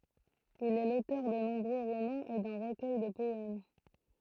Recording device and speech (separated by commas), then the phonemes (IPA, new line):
throat microphone, read sentence
il ɛ lotœʁ də nɔ̃bʁø ʁomɑ̃z e dœ̃ ʁəkœj də pɔɛm